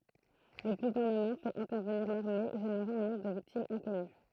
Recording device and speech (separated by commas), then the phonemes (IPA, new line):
throat microphone, read sentence
lə ɡuvɛʁnəmɑ̃ fɛt ɛ̃tɛʁvəniʁ laʁme ʒeneʁɑ̃ œ̃ nɔ̃bʁ də viktimz ɛ̃kɔny